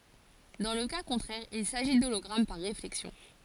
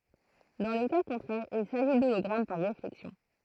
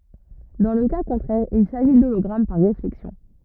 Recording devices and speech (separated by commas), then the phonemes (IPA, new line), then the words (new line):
forehead accelerometer, throat microphone, rigid in-ear microphone, read sentence
dɑ̃ lə ka kɔ̃tʁɛʁ il saʒi dolɔɡʁam paʁ ʁeflɛksjɔ̃
Dans le cas contraire il s'agit d'hologramme par réflexion.